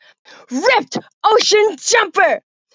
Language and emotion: English, disgusted